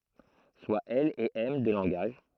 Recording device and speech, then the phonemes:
throat microphone, read sentence
swa ɛl e ɛm dø lɑ̃ɡaʒ

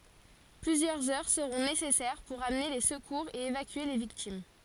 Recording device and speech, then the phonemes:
forehead accelerometer, read sentence
plyzjœʁz œʁ səʁɔ̃ nesɛsɛʁ puʁ amne le səkuʁz e evakye le viktim

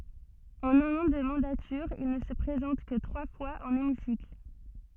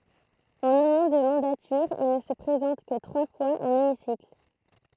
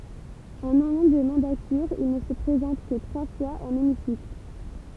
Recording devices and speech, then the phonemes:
soft in-ear microphone, throat microphone, temple vibration pickup, read sentence
ɑ̃n œ̃n ɑ̃ də mɑ̃datyʁ il nə sə pʁezɑ̃t kə tʁwa fwaz ɑ̃n emisikl

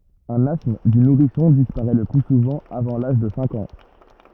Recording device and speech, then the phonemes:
rigid in-ear microphone, read sentence
œ̃n astm dy nuʁisɔ̃ dispaʁɛ lə ply suvɑ̃ avɑ̃ laʒ də sɛ̃k ɑ̃

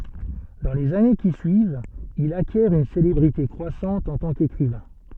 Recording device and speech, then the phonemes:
soft in-ear microphone, read sentence
dɑ̃ lez ane ki syivt il akjɛʁ yn selebʁite kʁwasɑ̃t ɑ̃ tɑ̃ kekʁivɛ̃

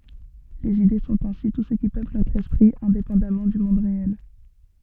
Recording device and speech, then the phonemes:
soft in-ear microphone, read sentence
lez ide sɔ̃t ɛ̃si tu sə ki pøpl notʁ ɛspʁi ɛ̃depɑ̃damɑ̃ dy mɔ̃d ʁeɛl

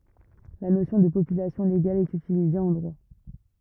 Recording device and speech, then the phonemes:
rigid in-ear microphone, read sentence
la nosjɔ̃ də popylasjɔ̃ leɡal ɛt ytilize ɑ̃ dʁwa

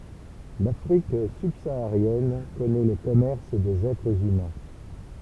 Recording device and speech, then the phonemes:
temple vibration pickup, read sentence
lafʁik sybsaaʁjɛn kɔnɛ lə kɔmɛʁs dez ɛtʁz ymɛ̃

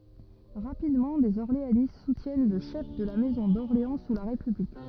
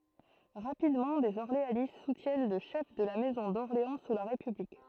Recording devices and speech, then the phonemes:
rigid in-ear microphone, throat microphone, read sentence
ʁapidmɑ̃ dez ɔʁleanist sutjɛn lə ʃɛf də la mɛzɔ̃ dɔʁleɑ̃ su la ʁepyblik

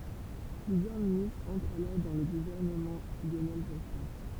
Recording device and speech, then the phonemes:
temple vibration pickup, read sentence
plyzjœʁ ministʁz ɑ̃tʁt alɔʁ dɑ̃ lə ɡuvɛʁnəmɑ̃ ljonɛl ʒɔspɛ̃

